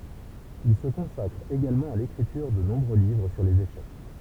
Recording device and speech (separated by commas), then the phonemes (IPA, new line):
temple vibration pickup, read sentence
il sə kɔ̃sakʁ eɡalmɑ̃ a lekʁityʁ də nɔ̃bʁø livʁ syʁ lez eʃɛk